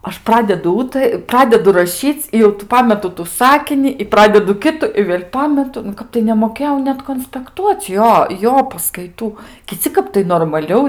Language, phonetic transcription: Lithuanian, ˈaš ˈpradedu ˈūta ˈpradedu raˈšyc i jau tų ˈpametu tu ˈsakini i ˈpradedu ˈkitu i vėl' ˈpametu nu ˈkap tai nemoˈkėjau ˈnet konspekˈtuocˈ ˈjo ˈjo paskaiˈtų kiˈci ˈkap tai normaˈliau

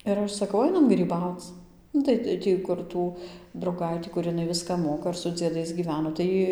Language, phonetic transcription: Lithuanian, ir ˈaš saˈkau ˈainam gryˈbauc ˈnu tai ˈtį kur ˈtų drauˈgaitį kur iˈnai ˈviską ˈmoka ir su dzieˈdais gyˈveno tai ˈjy

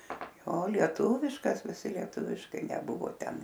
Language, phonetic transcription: Lithuanian, ˈjo lieˈtūviškas viˈsi lieˈtuviškai neˈbuvo ˈten

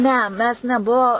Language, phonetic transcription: Lithuanian, ˈne ˈmes neˈbuo

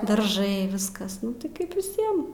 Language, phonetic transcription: Lithuanian, darˈžai ˈviskas ˈnu tai ˈkaip viˈsiem

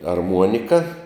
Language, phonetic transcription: Lithuanian, arˈmuonika

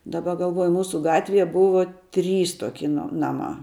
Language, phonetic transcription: Lithuanian, daˈba galˈvuoju ˈmūsu ˈgatvie ˈbuvo ˈtrys ˈtoki no ˈnamā

